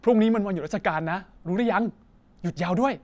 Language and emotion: Thai, happy